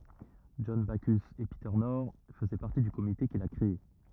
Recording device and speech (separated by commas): rigid in-ear microphone, read sentence